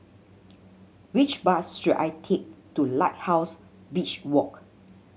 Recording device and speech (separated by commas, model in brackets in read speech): mobile phone (Samsung C7100), read sentence